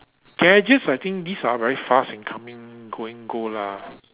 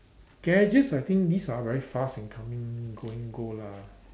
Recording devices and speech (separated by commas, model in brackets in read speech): telephone, standing microphone, conversation in separate rooms